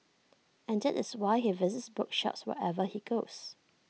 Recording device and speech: mobile phone (iPhone 6), read sentence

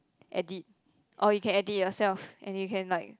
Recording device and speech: close-talking microphone, conversation in the same room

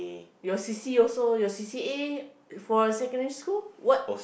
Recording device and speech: boundary microphone, conversation in the same room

